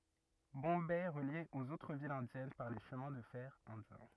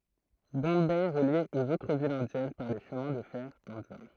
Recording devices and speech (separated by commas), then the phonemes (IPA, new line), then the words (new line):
rigid in-ear microphone, throat microphone, read sentence
bɔ̃bɛ ɛ ʁəlje oz otʁ vilz ɛ̃djɛn paʁ le ʃəmɛ̃ də fɛʁ ɛ̃djɛ̃
Bombay est relié aux autres villes indiennes par les Chemins de fer indiens.